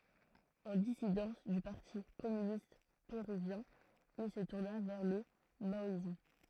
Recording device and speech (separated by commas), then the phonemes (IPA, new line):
throat microphone, read sentence
ɑ̃ disidɑ̃s dy paʁti kɔmynist peʁyvjɛ̃ il sə tuʁna vɛʁ lə maɔism